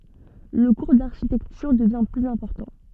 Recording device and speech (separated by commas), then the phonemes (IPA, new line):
soft in-ear microphone, read sentence
lə kuʁ daʁʃitɛktyʁ dəvjɛ̃ plyz ɛ̃pɔʁtɑ̃